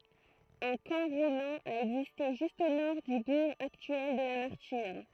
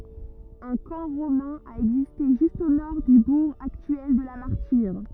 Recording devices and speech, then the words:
throat microphone, rigid in-ear microphone, read sentence
Un camp romain a existé juste au nord du bourg actuel de La Martyre.

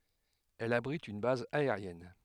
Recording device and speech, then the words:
headset microphone, read sentence
Elle abrite une base aérienne.

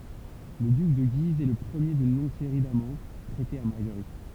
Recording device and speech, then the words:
temple vibration pickup, read sentence
Le duc de Guise est le premier d’une longue série d'amants prêtés à Marguerite.

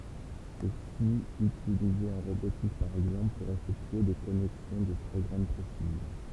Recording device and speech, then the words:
temple vibration pickup, read sentence
Ceci utilisé en robotique par exemple pour effectuer des connexions de très grande précision.

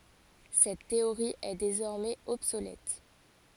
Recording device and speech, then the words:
forehead accelerometer, read sentence
Cette théorie est désormais obsolète.

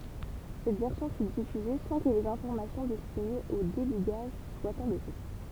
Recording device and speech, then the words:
temple vibration pickup, read sentence
Cette version fut diffusée sans que les informations destinées au débugage soient enlevées.

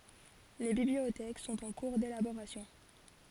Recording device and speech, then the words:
forehead accelerometer, read sentence
Les bibliothèques sont en cours d'élaboration.

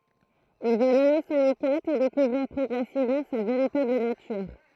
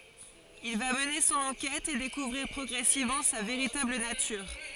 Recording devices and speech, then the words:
throat microphone, forehead accelerometer, read sentence
Il va mener son enquête et découvrir progressivement sa véritable nature.

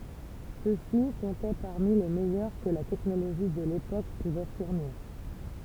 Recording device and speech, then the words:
temple vibration pickup, read sentence
Ceux-ci comptaient parmi les meilleurs que la technologie de l'époque pouvait fournir.

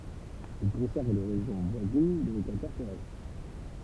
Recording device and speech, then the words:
temple vibration pickup, read sentence
Il concerne les régions voisines de l'équateur terrestre.

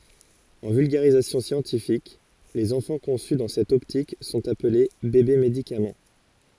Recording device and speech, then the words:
forehead accelerometer, read sentence
En vulgarisation scientifique, les enfants conçus dans cette optique sont appelés bébés-médicaments.

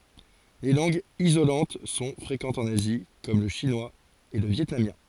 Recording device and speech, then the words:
forehead accelerometer, read sentence
Les langues isolantes sont fréquentes en Asie comme le chinois et le vietnamien.

